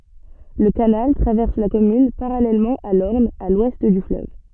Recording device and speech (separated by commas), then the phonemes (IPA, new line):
soft in-ear microphone, read sentence
lə kanal tʁavɛʁs la kɔmyn paʁalɛlmɑ̃ a lɔʁn a lwɛst dy fløv